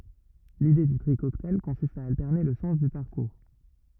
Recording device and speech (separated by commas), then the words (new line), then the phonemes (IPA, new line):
rigid in-ear microphone, read sentence
L'idée du tri cocktail consiste à alterner le sens du parcours.
lide dy tʁi kɔktaj kɔ̃sist a altɛʁne lə sɑ̃s dy paʁkuʁ